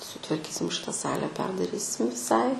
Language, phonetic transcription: Lithuanian, sutvarˈkysim ˈšita ˈsale ˈperdarysim viˈsai

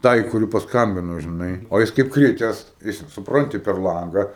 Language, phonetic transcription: Lithuanian, ˈtai kuˈri pasˈkambino žiˈnai o ˈjis kaip ˈkrites ˈjis supˈranti per ˈlanga

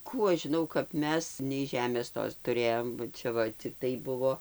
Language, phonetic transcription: Lithuanian, ˈkų aš žiˈnau kap ˈmes nei ˈžemės ˈtos tuˈrėjom ba ˈčia va cikˈtai ˈbuvo

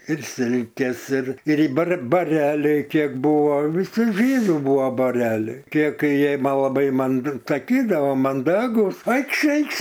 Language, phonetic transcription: Lithuanian, ir ˈsilkes ir ir i bar baˈreliai ˈkiek ˈbuvo viˈsi ˈžydų ˈbuvo baˈreliai ˈkiek ˈkai ˈjie ˈma laˈbai man saˈkydavo manˈdagūs ˈaikš ˈaikš

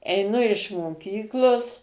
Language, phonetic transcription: Lithuanian, eiˈnu iš moˈkyklos

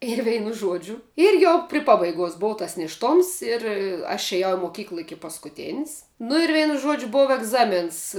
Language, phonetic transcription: Lithuanian, ir ˈveinu ˈžuodžiu ir ˈjau pri ˈpabaiguos ˈbova tas nėšˈtoms ir aš eˈjau moˈkykla ˈiki paskuˈtėns nu ir ˈveinu ˈžuodžiu ˈbova egˈzamėns

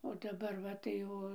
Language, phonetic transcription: Lithuanian, o daˈbar ˈva tai ˈo

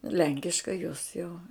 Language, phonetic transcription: Lithuanian, ˈlenkiškai jos jau

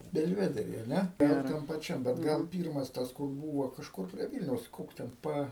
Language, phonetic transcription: Lithuanian, belˈvedery a ˈne ˈtam paˈčiam bet ˈgal ˈpyrmas ˈtas kur ˈbūvo kažˈkur prie ˈvylniaus ˈkoks ten ˈpa

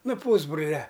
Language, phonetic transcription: Lithuanian, ˈnu ˈpūsbrulia

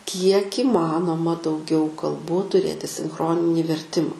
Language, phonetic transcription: Lithuanian, kiek įˈmanoma dauˈgiau kalˈbų tuˈrėti sinˈchroninį verˈtima

